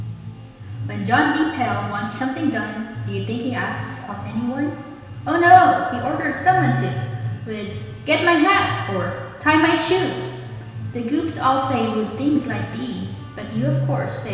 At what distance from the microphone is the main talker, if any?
1.7 m.